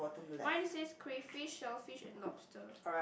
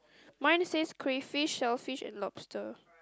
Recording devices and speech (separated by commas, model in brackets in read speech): boundary microphone, close-talking microphone, conversation in the same room